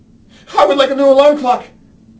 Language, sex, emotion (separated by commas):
English, male, fearful